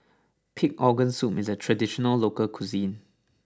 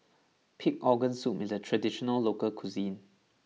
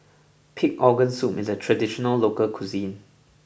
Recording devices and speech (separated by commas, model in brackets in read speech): standing microphone (AKG C214), mobile phone (iPhone 6), boundary microphone (BM630), read sentence